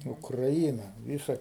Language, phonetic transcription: Lithuanian, ukraˈyna ˈvysa

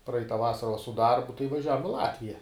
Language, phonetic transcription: Lithuanian, ˈpraita ˈvasara va su ˈdarbu tai vaˈžiavom i ˈlatvija

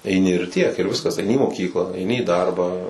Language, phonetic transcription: Lithuanian, eiˈni ir tiek ir ˈviskas aiˈni į moˈkyklą aiˈni į ˈdarbą

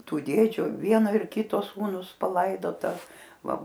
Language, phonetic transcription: Lithuanian, ˈtų ˈdėdžiu ˈvieno ir ˈkito ˈsūnus paˈlaidota ˈva

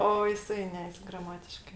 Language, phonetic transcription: Lithuanian, ˈo jiˈsai ˈne graˈmatiškɜ

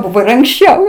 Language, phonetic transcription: Lithuanian, ˈbuvo ir anksˈčiau

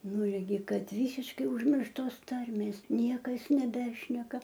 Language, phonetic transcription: Lithuanian, ˈnu irˈgi ˈkad ˈvysiškai užˈmirštos ˈtarmės ˈniekas neˈbešneka

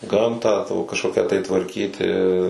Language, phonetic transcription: Lithuanian, ˈgamtą kažˈkokią tai tvarˈkyti

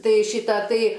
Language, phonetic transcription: Lithuanian, ˈtai ˈšyta ˈtai

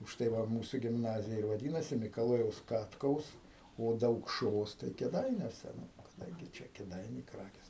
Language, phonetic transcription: Lithuanian, užˈtai ˈva ˈmūsu gimˈnazija ir vaˈdynasi mikaˈlojaus ˈkatkaus o daukˈšos tai kėˈdainiuose nu kaˈdangi ˈčia kėˈdainiai ˈkrakės

